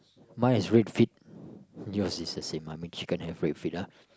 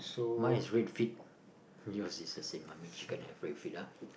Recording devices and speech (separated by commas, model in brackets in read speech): close-talking microphone, boundary microphone, conversation in the same room